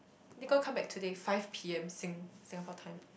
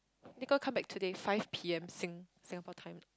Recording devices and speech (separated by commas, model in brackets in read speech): boundary microphone, close-talking microphone, conversation in the same room